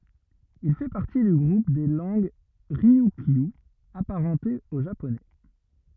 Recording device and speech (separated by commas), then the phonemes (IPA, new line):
rigid in-ear microphone, read sentence
il fɛ paʁti dy ɡʁup de lɑ̃ɡ ʁiykjy apaʁɑ̃tez o ʒaponɛ